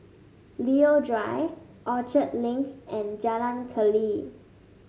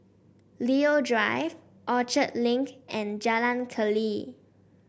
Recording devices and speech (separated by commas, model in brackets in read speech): mobile phone (Samsung S8), boundary microphone (BM630), read sentence